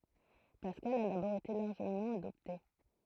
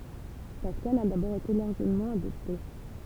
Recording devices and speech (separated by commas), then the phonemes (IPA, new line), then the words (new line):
throat microphone, temple vibration pickup, read sentence
paskal a dabɔʁ ete laʁʒəmɑ̃ adɔpte
Pascal a d'abord été largement adopté.